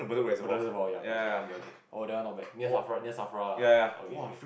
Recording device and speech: boundary microphone, conversation in the same room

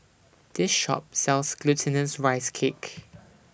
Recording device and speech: boundary microphone (BM630), read sentence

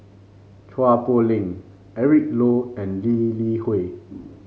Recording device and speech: mobile phone (Samsung C5), read sentence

